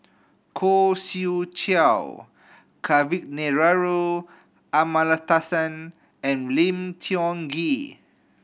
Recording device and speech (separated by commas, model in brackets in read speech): boundary microphone (BM630), read sentence